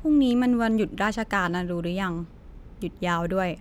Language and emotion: Thai, neutral